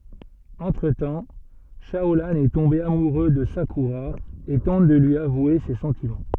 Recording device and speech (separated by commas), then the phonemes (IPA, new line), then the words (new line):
soft in-ear microphone, read sentence
ɑ̃tʁ tɑ̃ ʃaolɑ̃ ɛ tɔ̃be amuʁø də sakyʁa e tɑ̃t də lyi avwe se sɑ̃timɑ̃
Entre-temps, Shaolan est tombé amoureux de Sakura et tente de lui avouer ses sentiments.